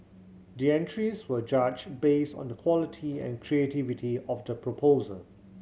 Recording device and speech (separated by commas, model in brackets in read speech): mobile phone (Samsung C7100), read sentence